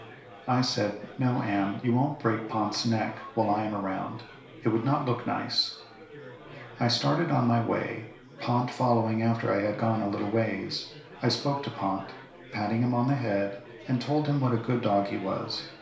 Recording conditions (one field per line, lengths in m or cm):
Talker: one person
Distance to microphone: 1.0 m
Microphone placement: close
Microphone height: 1.1 m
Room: small (3.7 m by 2.7 m)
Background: babble